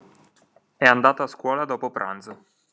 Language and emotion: Italian, neutral